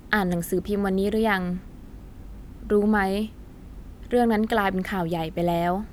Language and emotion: Thai, neutral